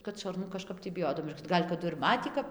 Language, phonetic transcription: Lithuanian, kad šarˈnu kaˈžkap tį biˈjodav ˈgal' kaˈdu ir ˈmatį kap

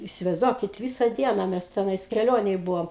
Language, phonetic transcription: Lithuanian, isivaizˈduokit ˈvysa ˈdiena ˈmes teˈnais keˈlionėj ˈbuvom

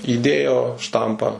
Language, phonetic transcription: Lithuanian, įˈdėjo ˈštampą

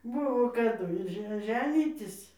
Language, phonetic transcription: Lithuanian, ˈbuvo kaˈdu ir ˈže ˈženytis

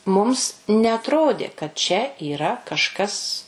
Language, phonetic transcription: Lithuanian, ˈmums neatˈrodė kad čia yˈra kažˈkas

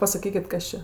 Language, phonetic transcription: Lithuanian, pasaˈkykit ˈkas čia

